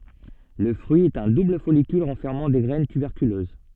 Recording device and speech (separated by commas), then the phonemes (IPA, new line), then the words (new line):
soft in-ear microphone, read sentence
lə fʁyi ɛt œ̃ dubl fɔlikyl ʁɑ̃fɛʁmɑ̃ de ɡʁɛn tybɛʁkyløz
Le fruit est un double follicule renfermant des graines tuberculeuses.